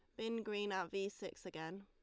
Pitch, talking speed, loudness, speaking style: 195 Hz, 220 wpm, -43 LUFS, Lombard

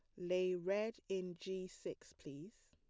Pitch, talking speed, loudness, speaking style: 185 Hz, 145 wpm, -43 LUFS, plain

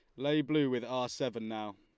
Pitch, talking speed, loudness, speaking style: 125 Hz, 230 wpm, -34 LUFS, Lombard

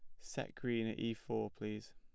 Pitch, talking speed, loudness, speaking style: 110 Hz, 205 wpm, -42 LUFS, plain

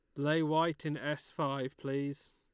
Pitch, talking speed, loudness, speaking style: 150 Hz, 170 wpm, -34 LUFS, Lombard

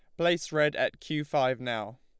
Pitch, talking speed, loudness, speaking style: 150 Hz, 200 wpm, -29 LUFS, Lombard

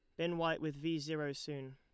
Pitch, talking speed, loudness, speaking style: 155 Hz, 235 wpm, -39 LUFS, Lombard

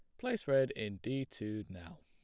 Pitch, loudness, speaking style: 105 Hz, -37 LUFS, plain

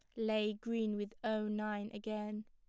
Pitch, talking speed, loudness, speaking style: 215 Hz, 160 wpm, -39 LUFS, plain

